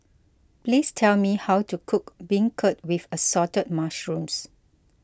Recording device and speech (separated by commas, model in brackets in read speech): close-talking microphone (WH20), read sentence